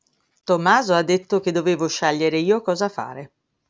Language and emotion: Italian, neutral